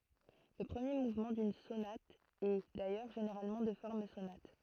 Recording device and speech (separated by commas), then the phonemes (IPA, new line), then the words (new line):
throat microphone, read sentence
lə pʁəmje muvmɑ̃ dyn sonat ɛ dajœʁ ʒeneʁalmɑ̃ də fɔʁm sonat
Le premier mouvement d'une sonate est, d'ailleurs, généralement de forme sonate.